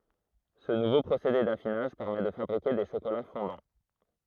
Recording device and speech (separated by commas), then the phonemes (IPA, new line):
throat microphone, read sentence
sə nuvo pʁosede dafinaʒ pɛʁmɛ də fabʁike de ʃokola fɔ̃dɑ̃